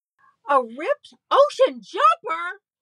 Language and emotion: English, happy